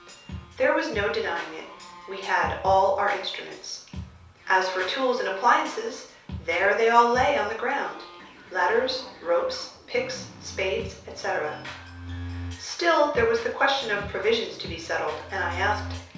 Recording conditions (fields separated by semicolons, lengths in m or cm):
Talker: one person; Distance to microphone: 3.0 m; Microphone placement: far; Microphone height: 1.8 m; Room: small (3.7 m by 2.7 m); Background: music